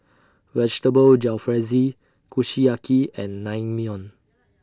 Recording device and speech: standing microphone (AKG C214), read sentence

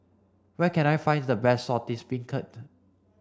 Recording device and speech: standing microphone (AKG C214), read sentence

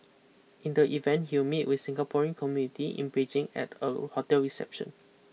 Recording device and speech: mobile phone (iPhone 6), read sentence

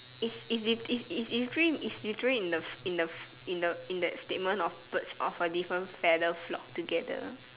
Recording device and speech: telephone, conversation in separate rooms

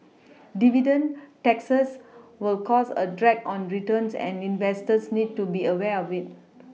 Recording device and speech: mobile phone (iPhone 6), read sentence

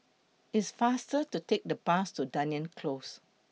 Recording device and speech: mobile phone (iPhone 6), read sentence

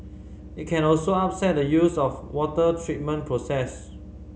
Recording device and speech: mobile phone (Samsung C5010), read sentence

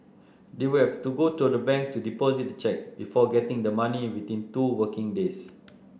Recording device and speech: boundary microphone (BM630), read sentence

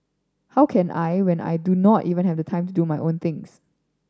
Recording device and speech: standing microphone (AKG C214), read sentence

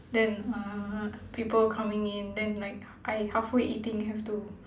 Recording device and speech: standing microphone, conversation in separate rooms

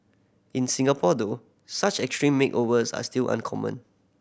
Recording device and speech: boundary microphone (BM630), read sentence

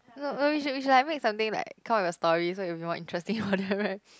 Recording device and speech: close-talking microphone, conversation in the same room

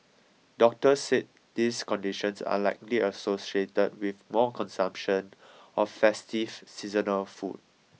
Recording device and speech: mobile phone (iPhone 6), read sentence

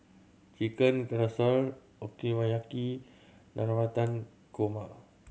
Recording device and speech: mobile phone (Samsung C7100), read sentence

